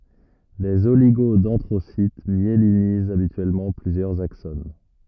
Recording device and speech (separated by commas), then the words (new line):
rigid in-ear microphone, read sentence
Les oligodendrocytes myélinisent habituellement plusieurs axones.